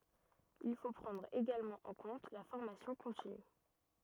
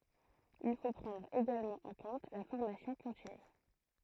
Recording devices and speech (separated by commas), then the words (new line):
rigid in-ear microphone, throat microphone, read sentence
Il faut prendre également en compte la formation continue.